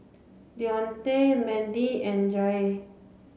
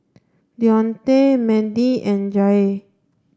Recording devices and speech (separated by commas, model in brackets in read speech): mobile phone (Samsung C7), standing microphone (AKG C214), read sentence